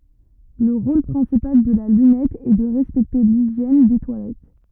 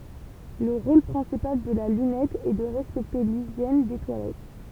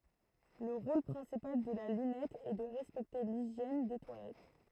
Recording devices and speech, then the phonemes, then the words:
rigid in-ear microphone, temple vibration pickup, throat microphone, read sentence
lə ʁol pʁɛ̃sipal də la lynɛt ɛ də ʁɛspɛkte liʒjɛn de twalɛt
Le rôle principal de la lunette est de respecter l'hygiène des toilettes.

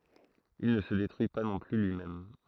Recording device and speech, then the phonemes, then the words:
throat microphone, read sentence
il nə sə detʁyi pa nɔ̃ ply lyimɛm
Il ne se détruit pas non plus lui-même.

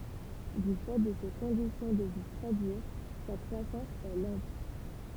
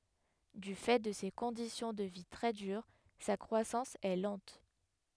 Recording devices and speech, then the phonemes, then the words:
temple vibration pickup, headset microphone, read sentence
dy fɛ də se kɔ̃disjɔ̃ də vi tʁɛ dyʁ sa kʁwasɑ̃s ɛ lɑ̃t
Du fait de ces conditions de vie très dures, sa croissance est lente.

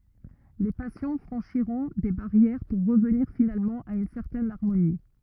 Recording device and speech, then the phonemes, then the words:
rigid in-ear microphone, read sentence
le pasjɔ̃ fʁɑ̃ʃiʁɔ̃ de baʁjɛʁ puʁ ʁəvniʁ finalmɑ̃ a yn sɛʁtɛn aʁmoni
Les passions franchiront des barrières pour revenir finalement à une certaine harmonie.

